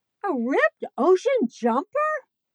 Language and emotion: English, surprised